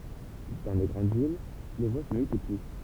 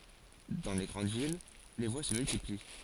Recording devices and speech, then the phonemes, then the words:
temple vibration pickup, forehead accelerometer, read sentence
dɑ̃ le ɡʁɑ̃d vil le vwa sə myltipli
Dans les grandes villes, les voies se multiplient.

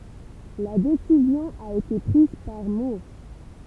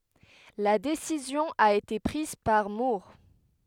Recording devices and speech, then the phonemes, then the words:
temple vibration pickup, headset microphone, read sentence
la desizjɔ̃ a ete pʁiz paʁ muʁ
La décision a été prise par Moore.

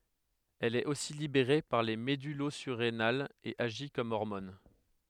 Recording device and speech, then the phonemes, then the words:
headset microphone, read sentence
ɛl ɛt osi libeʁe paʁ le medylozyʁenalz e aʒi kɔm ɔʁmɔn
Elle est aussi libérée par les médullosurrénales et agit comme hormone.

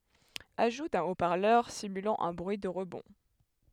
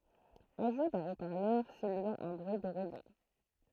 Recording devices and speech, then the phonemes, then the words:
headset microphone, throat microphone, read sentence
aʒu dœ̃ o paʁlœʁ simylɑ̃ œ̃ bʁyi də ʁəbɔ̃
Ajout d'un haut parleur simulant un bruit de rebond.

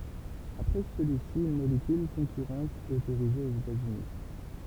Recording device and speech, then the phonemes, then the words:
temple vibration pickup, read sentence
apʁɛ səlyi si yn molekyl kɔ̃kyʁɑ̃t ɛt otoʁize oz etaz yni
Après celui-ci, une molécule concurrente est autorisée aux États-Unis.

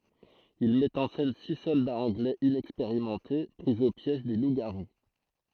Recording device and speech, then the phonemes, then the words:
throat microphone, read sentence
il mɛt ɑ̃ sɛn si sɔldaz ɑ̃ɡlɛz inɛkspeʁimɑ̃te pʁi o pjɛʒ de lupzɡaʁu
Il met en scène six soldats anglais inexpérimentés pris au piège des loups-garous.

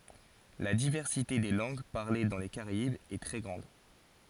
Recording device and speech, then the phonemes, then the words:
forehead accelerometer, read sentence
la divɛʁsite de lɑ̃ɡ paʁle dɑ̃ le kaʁaibz ɛ tʁɛ ɡʁɑ̃d
La diversité des langues parlées dans les Caraïbes est très grande.

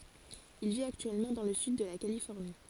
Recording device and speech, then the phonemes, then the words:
forehead accelerometer, read sentence
il vit aktyɛlmɑ̃ dɑ̃ lə syd də la kalifɔʁni
Il vit actuellement dans le sud de la Californie.

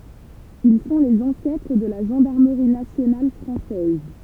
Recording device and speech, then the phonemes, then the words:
temple vibration pickup, read sentence
il sɔ̃ lez ɑ̃sɛtʁ də la ʒɑ̃daʁməʁi nasjonal fʁɑ̃sɛz
Ils sont les ancêtres de la gendarmerie nationale française.

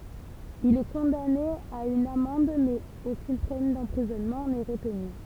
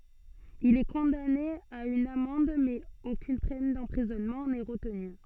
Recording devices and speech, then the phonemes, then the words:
temple vibration pickup, soft in-ear microphone, read sentence
il ɛ kɔ̃dane a yn amɑ̃d mɛz okyn pɛn dɑ̃pʁizɔnmɑ̃ nɛ ʁətny
Il est condamné à une amende, mais aucune peine d'emprisonnement n'est retenue.

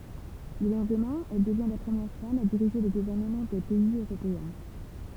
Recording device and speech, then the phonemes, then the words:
temple vibration pickup, read sentence
lə lɑ̃dmɛ̃ ɛl dəvjɛ̃ la pʁəmjɛʁ fam a diʁiʒe lə ɡuvɛʁnəmɑ̃ dœ̃ pɛiz øʁopeɛ̃
Le lendemain, elle devient la première femme à diriger le gouvernement d'un pays européen.

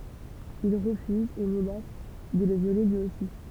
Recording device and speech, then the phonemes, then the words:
temple vibration pickup, read sentence
il ʁəfyzt e mənas də lə vjole lyi osi
Ils refusent et menacent de le violer lui aussi.

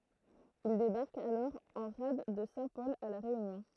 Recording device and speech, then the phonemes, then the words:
throat microphone, read sentence
il debaʁkt alɔʁ ɑ̃ ʁad də sɛ̃tpɔl a la ʁeynjɔ̃
Ils débarquent alors en rade de Saint-Paul à La Réunion.

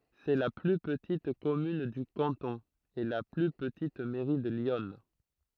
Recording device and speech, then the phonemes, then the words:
throat microphone, read sentence
sɛ la ply pətit kɔmyn dy kɑ̃tɔ̃ e la ply pətit mɛʁi də ljɔn
C'est la plus petite commune du canton, et la plus petite mairie de l'Yonne.

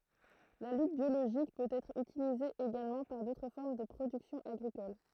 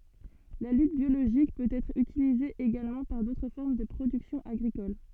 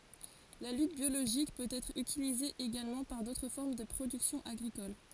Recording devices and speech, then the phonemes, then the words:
throat microphone, soft in-ear microphone, forehead accelerometer, read sentence
la lyt bjoloʒik pøt ɛtʁ ytilize eɡalmɑ̃ paʁ dotʁ fɔʁm də pʁodyksjɔ̃ aɡʁikol
La lutte biologique peut être utilisée également par d'autres formes de production agricoles.

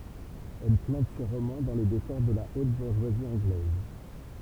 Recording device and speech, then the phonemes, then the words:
temple vibration pickup, read sentence
ɛl plɑ̃t se ʁomɑ̃ dɑ̃ le dekɔʁ də la ot buʁʒwazi ɑ̃ɡlɛz
Elle plante ses romans dans les décors de la haute bourgeoisie anglaise.

